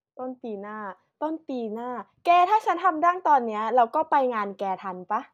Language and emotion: Thai, happy